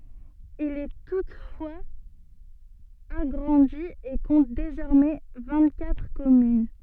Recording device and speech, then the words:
soft in-ear microphone, read sentence
Il est toutefois agrandi et compte désormais vingt-quatre communes.

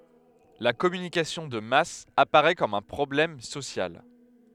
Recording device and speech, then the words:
headset microphone, read sentence
La communication de masse apparait comme un problème social.

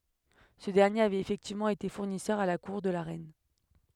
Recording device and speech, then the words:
headset microphone, read sentence
Ce dernier avait effectivement été fournisseur à la cour de la reine.

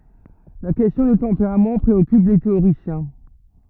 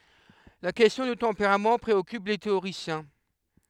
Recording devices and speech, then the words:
rigid in-ear microphone, headset microphone, read sentence
La question du tempérament préoccupe les théoriciens.

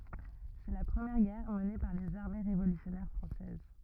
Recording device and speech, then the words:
rigid in-ear microphone, read sentence
C'est la première guerre menée par les armées révolutionnaires françaises.

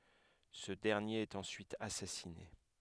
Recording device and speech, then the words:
headset microphone, read sentence
Ce dernier est ensuite assassiné.

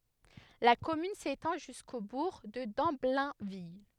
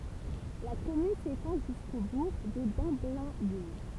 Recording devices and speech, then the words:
headset microphone, temple vibration pickup, read sentence
La commune s'étend jusqu'au bourg de Damblainville.

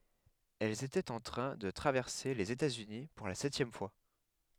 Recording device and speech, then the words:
headset microphone, read sentence
Elle était en train de traverser les États-Unis pour la septième fois.

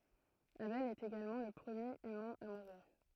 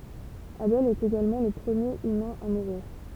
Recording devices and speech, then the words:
throat microphone, temple vibration pickup, read sentence
Abel est également le premier humain à mourir.

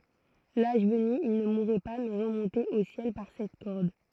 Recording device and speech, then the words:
throat microphone, read sentence
L'âge venu, ils ne mouraient pas mais remontaient au ciel par cette corde.

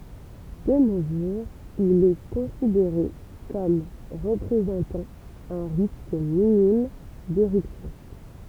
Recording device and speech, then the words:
temple vibration pickup, read sentence
De nos jours, il est considéré comme représentant un risque minime d’éruption.

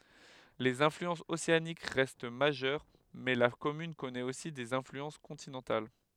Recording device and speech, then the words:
headset microphone, read sentence
Les influences océaniques restent majeures, mais la commune connaît aussi des influences continentales.

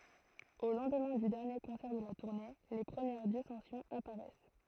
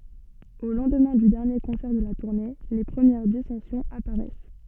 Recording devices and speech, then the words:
throat microphone, soft in-ear microphone, read sentence
Au lendemain du dernier concert de la tournée, les premières dissensions apparaissent.

